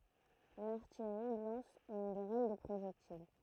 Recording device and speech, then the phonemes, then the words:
throat microphone, read sentence
laʁtijʁi lɑ̃s yn ɡʁɛl də pʁoʒɛktil
L’artillerie lance une grêle de projectiles.

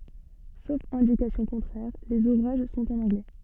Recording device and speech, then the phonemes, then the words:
soft in-ear microphone, read sentence
sof ɛ̃dikasjɔ̃ kɔ̃tʁɛʁ lez uvʁaʒ sɔ̃t ɑ̃n ɑ̃ɡlɛ
Sauf indication contraire, les ouvrages sont en anglais.

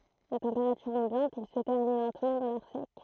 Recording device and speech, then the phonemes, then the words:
throat microphone, read sentence
a tɑ̃peʁatyʁ ɑ̃bjɑ̃t il sə tɛʁni lɑ̃tmɑ̃ dɑ̃ lɛʁ sɛk
À température ambiante, il se ternit lentement dans l’air sec.

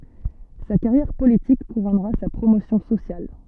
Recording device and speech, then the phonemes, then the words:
soft in-ear microphone, read sentence
sa kaʁjɛʁ politik kuʁɔnʁa sa pʁomosjɔ̃ sosjal
Sa carrière politique couronnera sa promotion sociale.

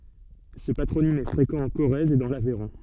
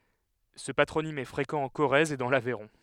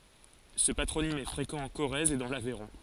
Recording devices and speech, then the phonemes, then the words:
soft in-ear microphone, headset microphone, forehead accelerometer, read sentence
sə patʁonim ɛ fʁekɑ̃ ɑ̃ koʁɛz e dɑ̃ lavɛʁɔ̃
Ce patronyme est fréquent en Corrèze et dans l'Aveyron.

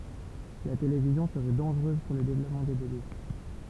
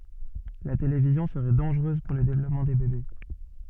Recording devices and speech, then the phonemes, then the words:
temple vibration pickup, soft in-ear microphone, read sentence
la televizjɔ̃ səʁɛ dɑ̃ʒʁøz puʁ lə devlɔpmɑ̃ de bebe
La télévision serait dangereuse pour le développement des bébés.

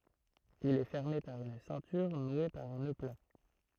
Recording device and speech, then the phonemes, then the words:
throat microphone, read sentence
il ɛ fɛʁme paʁ yn sɛ̃tyʁ nwe paʁ œ̃ nø pla
Il est fermé par une ceinture nouée par un nœud plat.

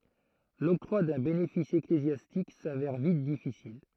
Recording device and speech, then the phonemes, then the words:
throat microphone, read sentence
lɔktʁwa dœ̃ benefis eklezjastik savɛʁ vit difisil
L'octroi d'un bénéfice ecclésiastique s'avère vite difficile.

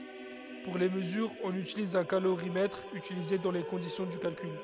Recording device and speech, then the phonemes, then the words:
headset microphone, read sentence
puʁ le məzyʁz ɔ̃n ytiliz œ̃ kaloʁimɛtʁ ytilize dɑ̃ le kɔ̃disjɔ̃ dy kalkyl
Pour les mesures, on utilise un calorimètre, utilisées dans les conditions du calcul.

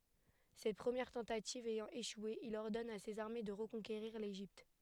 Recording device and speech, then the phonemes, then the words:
headset microphone, read sentence
sɛt pʁəmjɛʁ tɑ̃tativ ɛjɑ̃ eʃwe il ɔʁdɔn a sez aʁme də ʁəkɔ̃keʁiʁ leʒipt
Cette première tentative ayant échoué, il ordonne à ses armées de reconquérir l'Égypte.

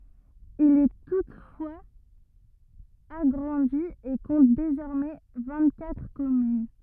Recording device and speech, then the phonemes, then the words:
rigid in-ear microphone, read sentence
il ɛ tutfwaz aɡʁɑ̃di e kɔ̃t dezɔʁmɛ vɛ̃ɡtkatʁ kɔmyn
Il est toutefois agrandi et compte désormais vingt-quatre communes.

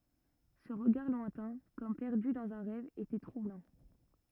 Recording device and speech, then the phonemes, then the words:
rigid in-ear microphone, read sentence
sə ʁəɡaʁ lwɛ̃tɛ̃ kɔm pɛʁdy dɑ̃z œ̃ ʁɛv etɛ tʁublɑ̃
Ce regard lointain, comme perdu dans un rêve, était troublant.

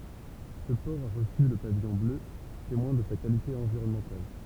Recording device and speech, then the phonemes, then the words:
temple vibration pickup, read sentence
sə pɔʁ a ʁəsy lə pavijɔ̃ blø temwɛ̃ də sa kalite ɑ̃viʁɔnmɑ̃tal
Ce port a reçu le pavillon bleu, témoin de sa qualité environnementale.

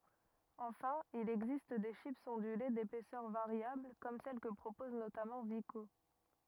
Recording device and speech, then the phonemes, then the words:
rigid in-ear microphone, read sentence
ɑ̃fɛ̃ il ɛɡzist de ʃipz ɔ̃dyle depɛsœʁ vaʁjabl kɔm sɛl kə pʁopɔz notamɑ̃ viko
Enfin, il existe des chips ondulées d'épaisseur variable, comme celles que propose notamment Vico.

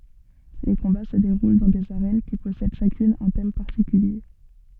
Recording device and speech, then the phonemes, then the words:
soft in-ear microphone, read sentence
le kɔ̃ba sə deʁul dɑ̃ dez aʁɛn ki pɔsɛd ʃakyn œ̃ tɛm paʁtikylje
Les combats se déroulent dans des arènes qui possèdent chacune un thème particulier.

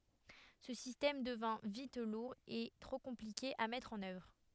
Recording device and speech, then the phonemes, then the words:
headset microphone, read sentence
sə sistɛm dəvɛ̃ vit luʁ e tʁo kɔ̃plike a mɛtʁ ɑ̃n œvʁ
Ce système devint vite lourd et trop compliqué à mettre en œuvre.

